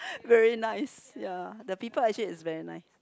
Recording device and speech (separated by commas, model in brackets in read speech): close-talking microphone, conversation in the same room